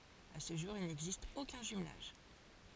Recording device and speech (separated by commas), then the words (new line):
forehead accelerometer, read sentence
À ce jour, il n'existe aucun jumelage.